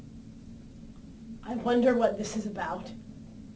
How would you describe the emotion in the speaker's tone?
fearful